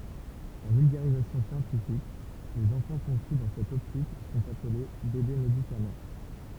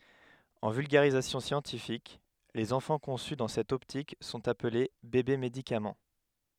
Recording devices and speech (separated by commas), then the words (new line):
temple vibration pickup, headset microphone, read sentence
En vulgarisation scientifique, les enfants conçus dans cette optique sont appelés bébés-médicaments.